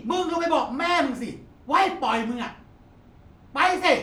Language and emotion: Thai, angry